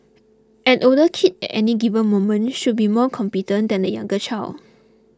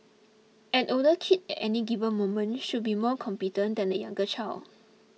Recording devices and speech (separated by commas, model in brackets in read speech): close-talking microphone (WH20), mobile phone (iPhone 6), read sentence